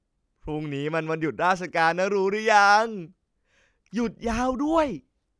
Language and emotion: Thai, happy